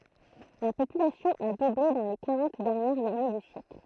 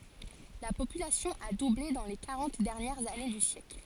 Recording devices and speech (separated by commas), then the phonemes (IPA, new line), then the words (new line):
throat microphone, forehead accelerometer, read sentence
la popylasjɔ̃ a duble dɑ̃ le kaʁɑ̃t dɛʁnjɛʁz ane dy sjɛkl
La population a doublé dans les quarante dernières années du siècle.